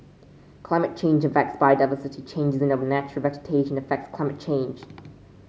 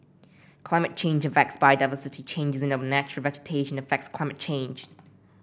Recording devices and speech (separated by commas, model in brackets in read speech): mobile phone (Samsung C5), boundary microphone (BM630), read sentence